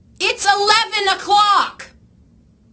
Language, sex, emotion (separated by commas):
English, female, angry